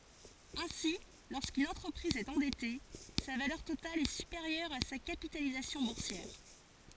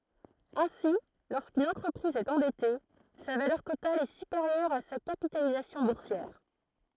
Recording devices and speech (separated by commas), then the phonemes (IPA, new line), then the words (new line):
forehead accelerometer, throat microphone, read sentence
ɛ̃si loʁskyn ɑ̃tʁəpʁiz ɛt ɑ̃dɛte sa valœʁ total ɛ sypeʁjœʁ a sa kapitalizasjɔ̃ buʁsjɛʁ
Ainsi, lorsqu'une entreprise est endettée, sa valeur totale est supérieure à sa capitalisation boursière.